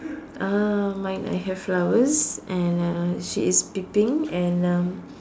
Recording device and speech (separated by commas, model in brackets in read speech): standing microphone, conversation in separate rooms